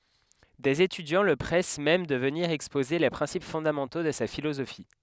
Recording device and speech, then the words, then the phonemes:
headset microphone, read sentence
Des étudiants le pressent même de venir exposer les principes fondamentaux de sa philosophie.
dez etydjɑ̃ lə pʁɛs mɛm də vəniʁ ɛkspoze le pʁɛ̃sip fɔ̃damɑ̃to də sa filozofi

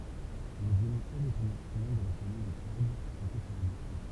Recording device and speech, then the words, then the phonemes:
temple vibration pickup, read sentence
Le violoncelle est un instrument de la famille des cordes frottées par un archet.
lə vjolɔ̃sɛl ɛt œ̃n ɛ̃stʁymɑ̃ də la famij de kɔʁd fʁɔte paʁ œ̃n aʁʃɛ

